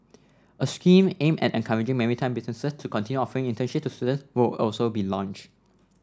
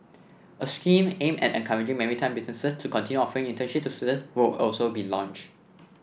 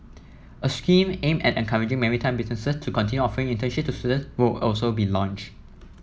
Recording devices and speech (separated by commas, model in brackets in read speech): standing microphone (AKG C214), boundary microphone (BM630), mobile phone (iPhone 7), read sentence